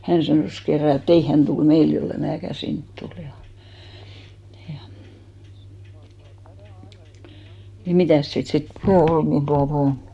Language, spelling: Finnish, hän sanoi kerran et ei hän tule meille jos en minäkään sinne tule ja ja niin mitäs siitä sitten puhe oli niin tuota noin
- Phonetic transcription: 'hän sanòs 'kerra e"t ‿ei 'hän tul "meil jolle 'määkä "sint tul ja , Jᴀ ni 'mitä̀s siit sit ('puhè "ol nin 'tuanoi) ?

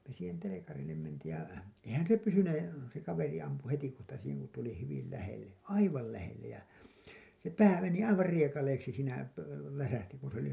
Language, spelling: Finnish, me siihen telkarille mentiin ja eihän se pysyneet se kaveri ampui heti kohta siihen kun tuli hyvin lähelle aivan lähelle ja se pää meni aivan riekaleiksi siinä - läsähti kun se löi
- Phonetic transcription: me siihen 'telekarillem mentiij ja , "eihän se 'pysyne , se 'kaveri ampu 'hetikohta siiheŋ ku tuli 'hyvil lähelle , "aival lähellej ja , se "pää 'meni 'aivar 'riekaleiksi siinä , pö- , 'läsähti kun se (löi .

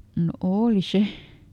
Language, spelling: Finnish, no oli se
- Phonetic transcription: no "ooli ˈse .

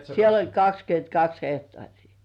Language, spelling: Finnish, siellä oli kaksikymmentäkaksi hehtaaria
- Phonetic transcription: 'siel ‿oĺ "kakskyöntkaks 'hehtŏàŕii .

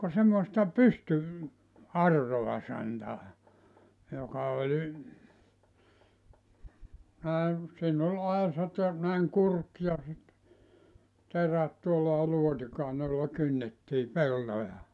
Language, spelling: Finnish, ka semmoista - pystyauraa santaa joka oli näin siinä oli aisat ja näin kurki ja sitten terät tuolla ja luotikainen jolla kynnettiin peltoja
- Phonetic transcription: ka semmoᵉsta "pysty- , -'arroa santaa , joka oĺ , näe , siin ‿oĺ 'aesat ja , näiŋ 'kurk ja sit , 'terät tuolla (ja) 'luotikàene ʲolla 'kynnettii 'peltoja .

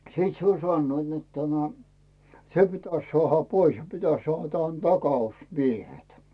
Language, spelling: Finnish, sitten se oli sanoivat että tämä se pitäisi saada pois ja pitäisi - - takausmiehet
- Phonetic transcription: sⁱt se oĺ 'sannoit net tämä , se pitäs 'sᵒàha "pois ja pitäs 'sᵒàh- tan- "takaus'miehet .

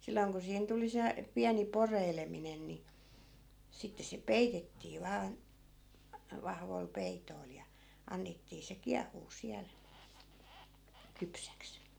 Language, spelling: Finnish, silloin kun siihen tuli se pieni poreileminen niin sitten se peitettiin vain vahvoilla peitoilla ja annettiin se kiehua siellä kypsäksi
- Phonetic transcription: 'silloiŋ ku siihen 'tuli se , 'piäni 'poreileminen ni , 'sitte se "peitettii 'vaan̬ , 'vahvoi̮l 'pei̮toi̮l ja , 'annettii se 'kiah̆huu 'siäl , 'kypsäks .

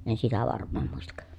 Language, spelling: Finnish, en sitä varmaan muista
- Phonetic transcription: en sitä varm̆maam muistak .

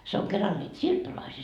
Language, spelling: Finnish, se on keralla niitä siirtolaisia
- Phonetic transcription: se oŋ 'keral ńiit "siirtolaisii .

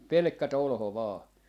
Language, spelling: Finnish, pelkkä tolho vain
- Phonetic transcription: 'pelᵉkkä "tolho 'vaa .

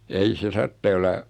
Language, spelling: Finnish, ei se tarvitsee olla
- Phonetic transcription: 'ei se 'tarttee olla ,.

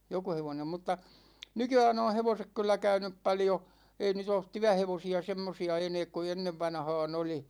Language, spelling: Finnish, joku hevonen mutta nykyään on hevoset kyllä käynyt paljon ei nyt ole työhevosia semmoisia enää kuin ennen vanhaan oli
- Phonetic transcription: 'joku hevonem mutta , "nyky₍ään ‿oo̰ 'hevosek 'kyllä 'käynyp 'paljo , 'ei 'nyt ‿oot "tyähevosi₍a semmosi₍a 'eneek ku 'ennevvanhaan ‿oli .

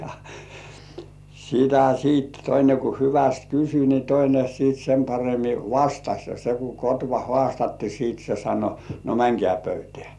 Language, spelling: Finnish, ja sitä sitten toinen kun hyvästi kysyi niin toinen sitten sen paremmin vastasi ja se kun kotva haastettiin sitten se sanoi no menkää pöytään
- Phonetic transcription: ja , sitä siit 'toine ku "hyväst 'kysy ni 'toine siit sem paremi "vastaś ja se ku 'kotva "hŏàstatti siit se sano , » no "mäŋkĕä̀ 'pöytĕä̀ « .

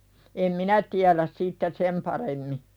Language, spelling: Finnish, en minä tiedä sitten sen paremmin
- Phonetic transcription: em "minä tiäläs sitte , 'sem paremmi .

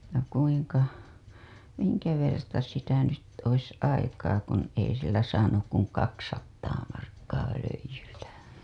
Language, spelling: Finnish, ja kuinka minkä verta sitä nyt olisi aikaa kun ei sillä saanut kuin kaksisataa markkaa röijyltä
- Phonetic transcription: ja kuiŋka , 'miŋkä verta sitä nyt ois aikaa kun ei sillä saanuk kuŋ 'kaksattaa markkaa 'röij̆jyltä .

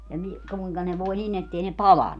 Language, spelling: Finnish, ja niin kuinka ne voi niin että ei ne palanut
- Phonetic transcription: ja ni , 'kuiŋka ne voi 'nin ‿ettei ne "palannu .

